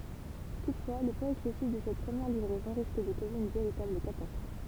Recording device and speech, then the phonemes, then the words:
temple vibration pickup, read sentence
tutfwa lə pwaz ɛksɛsif də sɛt pʁəmjɛʁ livʁɛzɔ̃ ʁisk də koze yn veʁitabl katastʁɔf
Toutefois, le poids excessif de cette première livraison risque de causer une véritable catastrophe.

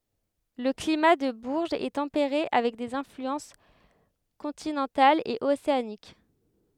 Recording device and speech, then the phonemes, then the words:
headset microphone, read sentence
lə klima də buʁʒz ɛ tɑ̃peʁe avɛk dez ɛ̃flyɑ̃s kɔ̃tinɑ̃talz e oseanik
Le climat de Bourges est tempéré avec des influences continentales et océaniques.

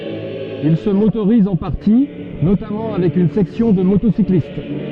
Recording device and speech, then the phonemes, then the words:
soft in-ear microphone, read sentence
il sə motoʁiz ɑ̃ paʁti notamɑ̃ avɛk yn sɛksjɔ̃ də motosiklist
Il se motorise en partie, notamment avec une section de motocyclistes.

